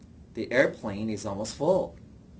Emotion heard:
neutral